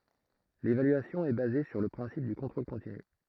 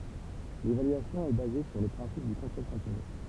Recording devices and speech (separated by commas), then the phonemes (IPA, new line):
throat microphone, temple vibration pickup, read sentence
levalyasjɔ̃ ɛ baze syʁ lə pʁɛ̃sip dy kɔ̃tʁol kɔ̃tiny